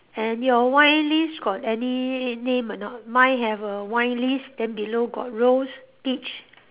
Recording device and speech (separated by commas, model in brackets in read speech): telephone, conversation in separate rooms